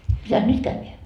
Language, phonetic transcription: Finnish, mitäs "nyt kävveä ?
- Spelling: mitäs nyt käydään

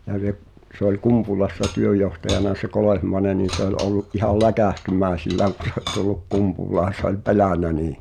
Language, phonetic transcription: Finnish, ja (sep-) , sᵉ ‿ol "Kumpulassa 'työj̆johtajana se 'Kolèhmaĕne nin̬ se ‿ol 'ollu’ ’ihal "läkä̀hty'mä̀i̬sillääŋ ku (se ol tulluk) 'Kumpul̆laan̬ se ‿oĺ "pelä̀nä nii .
- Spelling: ja - se oli Kumpulassa työnjohtajana se Kolehmainen niin se oli ollut ihan läkähtymäisillään kun se oli tullut Kumpulaan se oli pelännyt niin

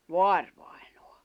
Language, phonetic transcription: Finnish, voarᴠᴀᴇɴᴏᴀ .
- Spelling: vaarivainaja

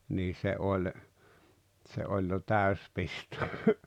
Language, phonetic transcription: Finnish, nii 'se oĺ , tse 'oĺ jo "täys 'pisto .
- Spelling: niin se oli se oli jo täysi pisto

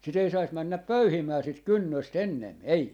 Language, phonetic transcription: Finnish, 'sit ‿ei sais 'männäp "pöyhimää sit "kynnös't ‿ennem , "ei .
- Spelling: sitä ei saisi mennä pöyhimään sitä kynnöstä ennen ei

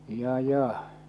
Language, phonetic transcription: Finnish, 'ja 'ja .
- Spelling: ja ja

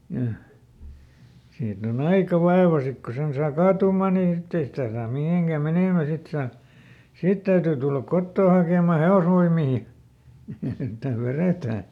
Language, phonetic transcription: Finnish, ja , ˈsiit ‿oˈn ‿aika "vaeva ˈsik ko ˈsen saa ˈkaatuum̆mà ni ˈsitte ei sitä̀ saam ˈmihèŋkä ˈmenèmä ˈsit saa , "sit täytyy tullak ˈkottoo hakèm̆ma "he₍osvoim̆mii , että ˈveretää .
- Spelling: ja siitä on aika vaiva sitten kun sen saa kaatumaan niin sitten ei sitä saa mihinkään menemään sitten saa sitten täytyy tulla kotoa hakemaan hevosvoimia että vedetään

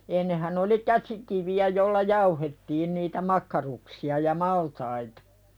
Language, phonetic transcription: Finnish, ennehän ‿oli "käsikivi₍ä jolla "jauhettiin niitä "makkaruksi₍a ja "maltaitᴀ .
- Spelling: ennenhän oli käsikiviä jolla jauhettiin niitä makkaruksia ja maltaita

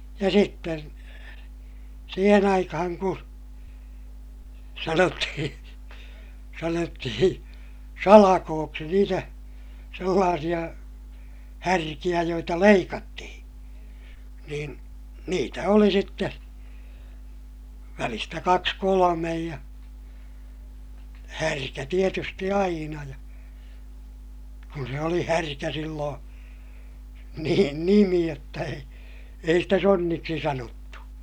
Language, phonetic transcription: Finnish, ja sitten , siihen ‿aikahaŋ ku , sanottihiḭ , sanottihiḭ , salakooksi niitä , sellaasiʲa , härkiʲä joita leikattihiḭ , niin , niitä oli sitte , välistä kaks kolomej ja , härkä tietysti aina ja , kun se oli härkä silloo̰ , nii(re)n nimi jotta ei , ei stä sonniksi sanottu .
- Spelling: ja sitten siihen aikaan kun sanottiin sanottiin salkoiksi niitä sellaisia härkiä joita leikattiin niin niitä oli sitten välistä kaksi kolme ja härkä tietysti aina ja kun se oli härkä silloin niiden nimi jotta ei ei sitä sonniksi sanottu

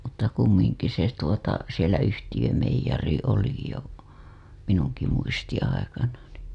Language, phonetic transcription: Finnish, mutta kummiŋki se tuota , sielä yhtijömeij̆jari oli jo 'minuŋki muistiḭ aikana nì .
- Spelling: mutta kumminkin se tuota siellä yhtiömeijeri oli jo minunkin muistini aikana niin

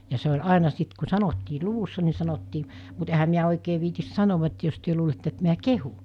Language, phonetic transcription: Finnish, ja se ol 'àena 'sit ku 'sanottii "luvussa ni sanottii , mut ehä miä oikee viitis 'sanova et jos työ luulette et miä "kehu .
- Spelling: ja se oli aina sitten kun sanottiin luvussa niin sanottiin mutta enhän minä oikein viitsi sanoa että jos te luulette että minä kehun

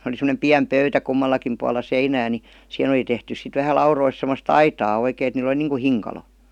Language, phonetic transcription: Finnish, oli sem°nem "piäm "pöytä 'kummallakim pualla "seinää ni , "sⁱhen ‿oli tehtys sit vähä 'laurois semmos"t ‿aitaa 'oikèin ‿et niil ‿°li niiŋku "hiŋ-kalo .
- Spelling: oli semmoinen pieni pöytä kummallakin puolella seinää niin siihen oli tehty sitten vähän laudoista semmoista aitaa oikein että niillä oli niin kuin hinkalo

